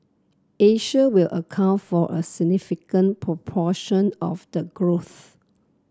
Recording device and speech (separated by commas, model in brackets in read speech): close-talking microphone (WH30), read sentence